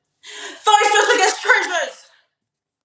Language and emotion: English, sad